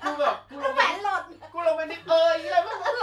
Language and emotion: Thai, happy